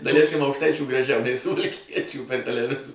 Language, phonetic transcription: Lithuanian, daˈlæiskim aukšˈtaičių graˈžiau nei suvalˈkiečių per teleˈvizo

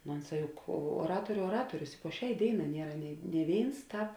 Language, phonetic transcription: Lithuanian, no ˈonˌsā ˈjuk uoˈratoriu oˈratorius i po ˈšiai ˈdėiˌnā ˈniera nėi nė ˈvėins ˈtāp

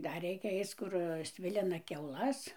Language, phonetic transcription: Lithuanian, ˈdar ˈreikia ˈaic ˈkur ˈsvilina kiauˈlas

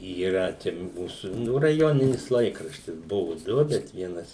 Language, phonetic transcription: Lithuanian, yˈra čia ˈmūsų ˈnu raˈjoninis ˈlaikraštis ˈbuvu ˈdu bet ˈvienas

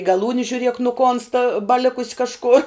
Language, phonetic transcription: Lithuanian, gaˈlūni žiuˈriek nuˈkonsta baˈlikus kažˈkor

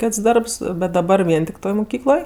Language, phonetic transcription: Lithuanian, ˈkėts ˈdarbs bet daˈbar ˈvien tik ˈtoj muˈkykloj

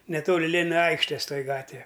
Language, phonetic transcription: Lithuanian, neˈtoli ˈlėnina ˈaikštės ˈtoji ˈgatve

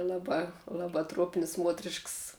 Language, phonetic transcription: Lithuanian, ˈlaˌbā ˈlaˌbā truop'n's' ˈmuotrišks

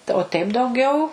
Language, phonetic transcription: Lithuanian, tai o teip dauˈgiau

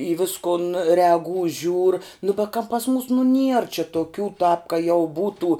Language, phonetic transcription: Lithuanian, į ˈviskun reaˈgū žiūr nu be ka pas mūs nu nier čia toˈkių tāp ka jau ˈbūtų

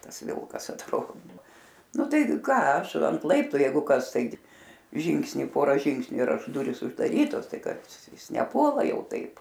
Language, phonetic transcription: Lithuanian, ˈtas ˈvilkas atˈrodo ˈnu ˈtai ˈką ˈaš ant ˈlaiptu ˈjeigu ˈkas ˈtaigi ˈžingsni ˈpora ˈžingsniu ir ˈaš ˈdurys uždaˈrytos ˈtai ˈkas ˈjis neˈpuola ˈjau ˈtaip

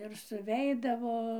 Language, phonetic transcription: Lithuanian, ir suˈveidavo

